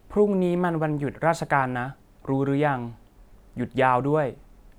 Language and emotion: Thai, neutral